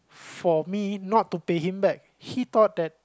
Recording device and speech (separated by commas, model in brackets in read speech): close-talking microphone, conversation in the same room